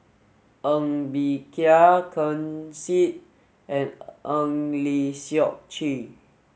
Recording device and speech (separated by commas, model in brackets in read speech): mobile phone (Samsung S8), read sentence